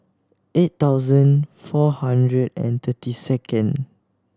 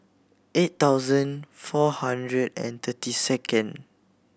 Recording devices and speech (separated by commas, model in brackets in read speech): standing microphone (AKG C214), boundary microphone (BM630), read sentence